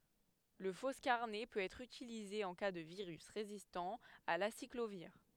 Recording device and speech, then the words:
headset microphone, read sentence
Le foscarnet peut être utilisé en cas de virus résistant à l'aciclovir.

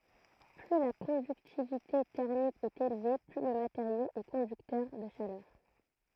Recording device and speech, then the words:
throat microphone, read sentence
Plus la conductivité thermique est élevée, plus le matériau est conducteur de chaleur.

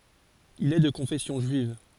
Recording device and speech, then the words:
forehead accelerometer, read sentence
Il est de confession juive.

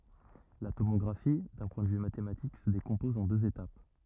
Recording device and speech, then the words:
rigid in-ear microphone, read sentence
La tomographie, d’un point de vue mathématique, se décompose en deux étapes.

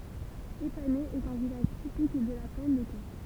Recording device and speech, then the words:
temple vibration pickup, read sentence
Épaney est un village typique de la plaine de Caen.

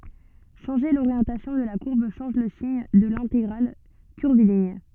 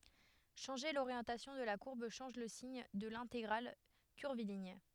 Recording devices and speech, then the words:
soft in-ear microphone, headset microphone, read sentence
Changer l'orientation de la courbe change le signe de l'intégrale curviligne.

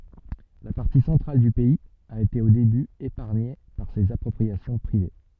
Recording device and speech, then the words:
soft in-ear microphone, read sentence
La partie centrale du pays a été au début épargnée par ces appropriations privées.

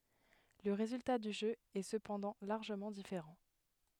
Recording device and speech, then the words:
headset microphone, read sentence
Le résultat du jeu est cependant largement différent.

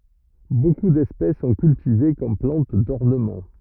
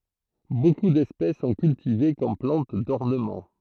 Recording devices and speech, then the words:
rigid in-ear microphone, throat microphone, read sentence
Beaucoup d'espèces sont cultivées comme plantes d'ornement.

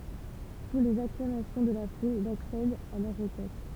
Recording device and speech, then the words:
temple vibration pickup, read sentence
Sous les acclamations de la foule, il accède à leur requête.

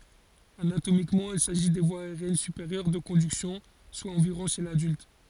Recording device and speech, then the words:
forehead accelerometer, read sentence
Anatomiquement, il s'agit des voies aériennes supérieures de conduction, soit environ chez l'adulte.

